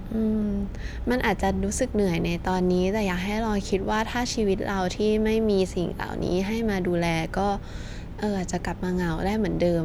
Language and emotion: Thai, frustrated